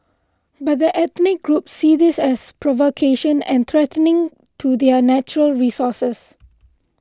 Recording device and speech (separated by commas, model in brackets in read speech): close-talking microphone (WH20), read sentence